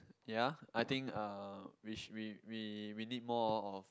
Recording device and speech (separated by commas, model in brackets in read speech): close-talking microphone, conversation in the same room